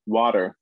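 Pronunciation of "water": In 'water', the t is said with a tapping sound, the American way.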